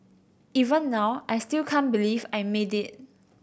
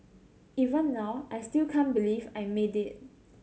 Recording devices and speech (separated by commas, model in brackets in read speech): boundary microphone (BM630), mobile phone (Samsung C7100), read sentence